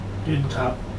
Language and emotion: Thai, neutral